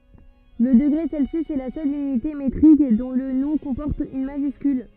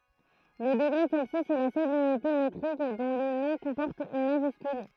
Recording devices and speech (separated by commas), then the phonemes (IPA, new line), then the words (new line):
rigid in-ear microphone, throat microphone, read sentence
lə dəɡʁe sɛlsjys ɛ la sœl ynite metʁik dɔ̃ lə nɔ̃ kɔ̃pɔʁt yn maʒyskyl
Le degré Celsius est la seule unité métrique dont le nom comporte une majuscule.